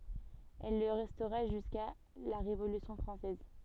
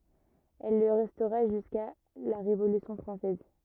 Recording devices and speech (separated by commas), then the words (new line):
soft in-ear microphone, rigid in-ear microphone, read sentence
Elle le restera jusqu'à la Révolution française.